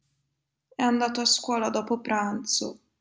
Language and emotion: Italian, sad